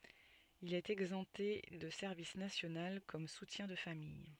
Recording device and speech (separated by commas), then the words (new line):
soft in-ear microphone, read sentence
Il est exempté de service national comme soutien de famille.